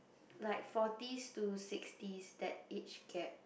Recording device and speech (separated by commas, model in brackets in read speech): boundary microphone, conversation in the same room